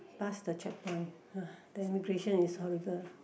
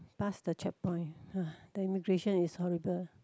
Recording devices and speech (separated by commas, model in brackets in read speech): boundary microphone, close-talking microphone, conversation in the same room